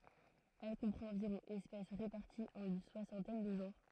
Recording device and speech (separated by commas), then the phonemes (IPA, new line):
throat microphone, read sentence
ɛl kɔ̃pʁɑ̃t ɑ̃viʁɔ̃ ɛspɛs ʁepaʁtiz ɑ̃n yn swasɑ̃tɛn də ʒɑ̃ʁ